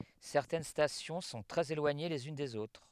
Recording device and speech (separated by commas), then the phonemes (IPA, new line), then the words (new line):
headset microphone, read sentence
sɛʁtɛn stasjɔ̃ sɔ̃ tʁɛz elwaɲe lez yn dez otʁ
Certaines stations sont très éloignées les unes des autres.